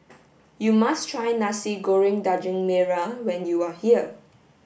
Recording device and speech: boundary microphone (BM630), read sentence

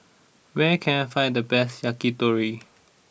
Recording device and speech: boundary microphone (BM630), read sentence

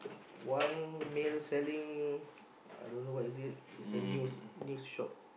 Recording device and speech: boundary microphone, conversation in the same room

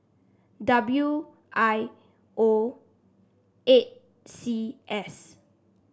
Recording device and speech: standing microphone (AKG C214), read sentence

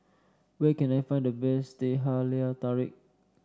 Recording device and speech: standing microphone (AKG C214), read sentence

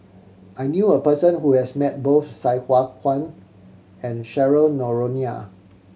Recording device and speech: mobile phone (Samsung C7100), read sentence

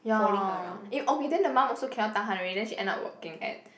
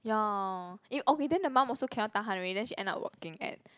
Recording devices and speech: boundary microphone, close-talking microphone, conversation in the same room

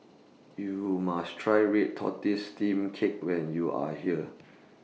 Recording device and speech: mobile phone (iPhone 6), read sentence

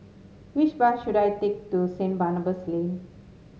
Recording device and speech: mobile phone (Samsung S8), read sentence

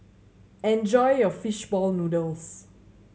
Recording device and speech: mobile phone (Samsung C7100), read sentence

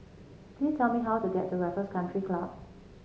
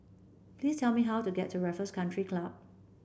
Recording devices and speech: mobile phone (Samsung C7), boundary microphone (BM630), read sentence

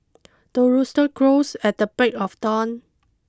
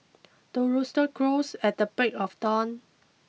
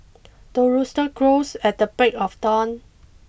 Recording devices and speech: close-talking microphone (WH20), mobile phone (iPhone 6), boundary microphone (BM630), read sentence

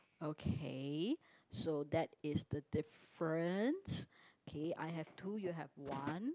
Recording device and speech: close-talking microphone, conversation in the same room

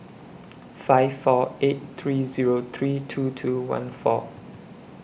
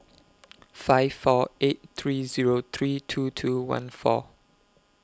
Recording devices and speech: boundary microphone (BM630), close-talking microphone (WH20), read sentence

